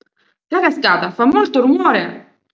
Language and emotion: Italian, surprised